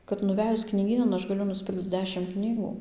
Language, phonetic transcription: Lithuanian, kad nuˈvejus knyˈgynan ˈaš gaˈliu nusˈpirkc ˈdešim ˈknygų

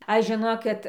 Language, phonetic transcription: Lithuanian, ˈaš žiˈnokit

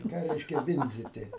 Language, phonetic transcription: Lithuanian, i ˈką ˈreiškia ˈvindziti

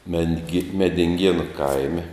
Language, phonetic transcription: Lithuanian, mengi medinˈgienu ˈkaime

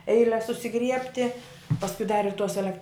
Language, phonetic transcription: Lithuanian, ˈeiles susiˈgriebti pasˈkui dar ir tos eˈlek

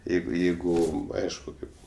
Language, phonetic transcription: Lithuanian, ˈjeigu ˈjeigu ˈaišku ˈkaip

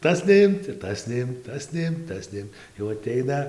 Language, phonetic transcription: Lithuanian, ˈtas neˈimt ir ˈtas neˈimt ˈtas neˈimt ˈtas neˈim jau aˈteina

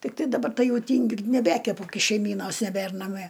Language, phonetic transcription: Lithuanian, tikˈtai daˈbar ˈtai ˈjau ˈtyngiu ir neˈbekepu ˈkai šeiˈmynos neˈbær naˈmie

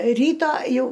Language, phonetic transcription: Lithuanian, ˈryto ˈjau

